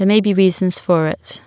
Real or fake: real